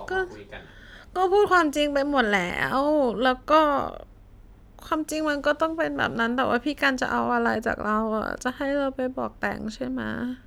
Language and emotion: Thai, sad